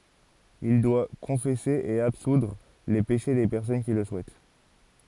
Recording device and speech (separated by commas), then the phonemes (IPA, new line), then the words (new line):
forehead accelerometer, read sentence
il dwa kɔ̃fɛse e absudʁ le peʃe de pɛʁsɔn ki lə suɛt
Il doit confesser et absoudre les péchés des personnes qui le souhaitent.